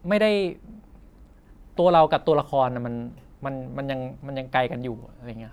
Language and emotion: Thai, neutral